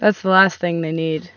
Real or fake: real